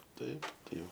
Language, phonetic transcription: Lithuanian, ˈtaip tai ˈjau

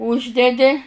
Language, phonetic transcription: Lithuanian, ˈūždedi

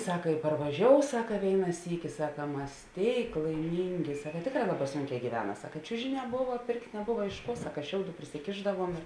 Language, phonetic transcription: Lithuanian, ˈsaka i parvaˈžiou ˈsaka ˈvėina ˈsyki ˈsaka ˈmas ˈtėik laiˈmyngi ˈsaka ˈtėkˌrā ˈlaˌbā ˈsunˌkē gyˈvena ˈsaka i ˈčiužiˌnē ˈbuva ˈpėrkt' neˈbuva iš ˈkuo ˈsaka ˈšiauˌdų prisiˈkėšdavuom ir

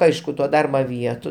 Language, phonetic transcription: Lithuanian, ˈaišku to ˈdarba ˈvietu

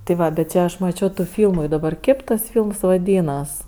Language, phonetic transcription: Lithuanian, ti ˈva bet ˈčia aš maˈčio tų ˈfylmu i daˈbar ˈkėp tas ˈfylms vaˈdynas

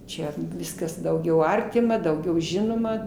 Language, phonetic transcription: Lithuanian, ˈčia ˈviskas dauˈgiau ˈartima dauˈgiau ˈžinoma

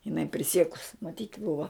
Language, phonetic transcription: Lithuanian, jiˈnai priˈsiekus maˈtyt' ˈbuva

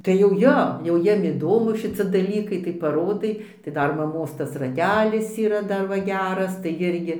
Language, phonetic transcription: Lithuanian, tai jau ˈjo jau ˈjiem iˈdomu šiˈci daˈlykai tai paˈrodai tai ˈdar maˈmos ˈtas raˈtelis yˈra ˈdar ˈva ˈgeras tai ˈirgi

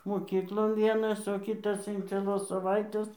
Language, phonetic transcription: Lithuanian, moˈkyklon ˈvienas o ˈkytas in cieˈlos saˈvaitės

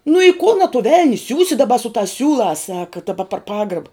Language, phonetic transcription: Lithuanian, nu i kun a tu ˈvel'ni ˈsiūsi daˈba su tās ˈsiūlās ˈsaka daˈba par ˈpagraba

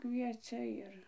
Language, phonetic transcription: Lithuanian, ˈkviecia ˈir

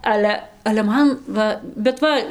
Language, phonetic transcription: Lithuanian, ˈale ale ˈman ˈva bet ˈva

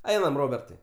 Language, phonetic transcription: Lithuanian, ˈeinam ˈrobertai

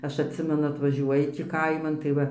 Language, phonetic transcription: Lithuanian, ˈaš atˈsimenu atvaˈžiuoji tį ˈkaiman tai ˈva

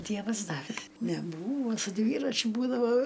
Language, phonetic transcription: Lithuanian, ˈdievas ˈdavė neˈbūvo su ˈdvyračiu ˈbūdavo

